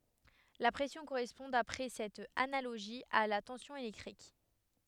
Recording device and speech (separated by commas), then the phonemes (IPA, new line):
headset microphone, read sentence
la pʁɛsjɔ̃ koʁɛspɔ̃ dapʁɛ sɛt analoʒi a la tɑ̃sjɔ̃ elɛktʁik